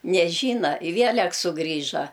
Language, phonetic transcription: Lithuanian, neˈžyna i ˈvielek suˈgrįža

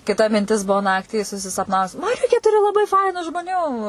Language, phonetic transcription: Lithuanian, kiˈta minˈtis ˈbuo ˈnaktį susisapˈnavus maˈriukė ˈturi laˈbai ˈfainu žmoˈnių

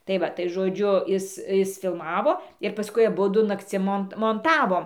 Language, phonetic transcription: Lithuanian, tai ˈva tai žoˈdžiu ˈis ˈis filˈmavo ir paˈskui aˈbudu nakˈcim ˈmont monˈtavom

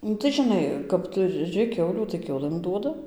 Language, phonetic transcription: Lithuanian, ˈnu tai žiˈnai kap tuˈri ˈkiaulių tai ˈkiaulɘm ˈduoda

